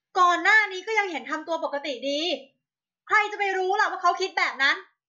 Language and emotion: Thai, angry